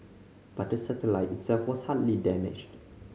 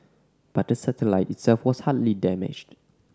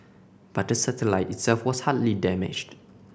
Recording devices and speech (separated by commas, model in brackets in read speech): mobile phone (Samsung C5010), standing microphone (AKG C214), boundary microphone (BM630), read sentence